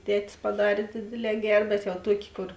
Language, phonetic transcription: Lithuanian, ˈtetis paˈdarė ˈdėdėˌlē ˈger bet jau ˈtuokė ˈkor

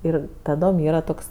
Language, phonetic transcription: Lithuanian, ˈir taˈdom ˈyra ˈtoks

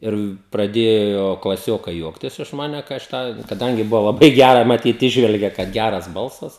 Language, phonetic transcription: Lithuanian, ˈir praˈdėjo klaˈsiokai ˈjuoktis iš ˈmane kai aš ˈtą kaˈdangi ˈbuvo laˈbai ˈgæra maˈtyt ˈįžvelgė kad ˈgæras ˈbalsas

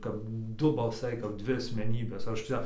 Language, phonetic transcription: Lithuanian, kap ˈdu balˈsai kap ˈdvi asmeˈnybės ˈaš ˈčia

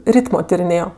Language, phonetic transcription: Lithuanian, ˈrytmo tiriˈnėjo

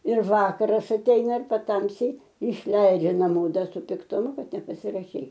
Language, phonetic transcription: Lithuanian, ir ˈvakaras atˈeina ir paˈtamsy išˈleidžia naˈmo ˈda su piktuˈmu ˈkad nepasiraˈšei

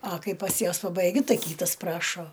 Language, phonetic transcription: Lithuanian, a ˈkai pas ˈjuos pabaiˈgiu ˈtai ˈkytas ˈprašo

